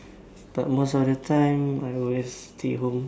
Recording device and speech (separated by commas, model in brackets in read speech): standing microphone, conversation in separate rooms